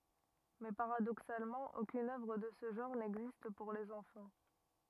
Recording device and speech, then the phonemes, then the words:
rigid in-ear microphone, read sentence
mɛ paʁadoksalmɑ̃ okyn œvʁ də sə ʒɑ̃ʁ nɛɡzist puʁ lez ɑ̃fɑ̃
Mais paradoxalement, aucune œuvre de ce genre n'existe pour les enfants.

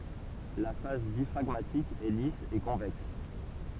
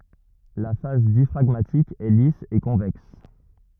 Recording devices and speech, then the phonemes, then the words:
temple vibration pickup, rigid in-ear microphone, read sentence
la fas djafʁaɡmatik ɛ lis e kɔ̃vɛks
La face diaphragmatique est lisse et convexe.

